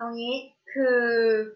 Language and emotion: Thai, frustrated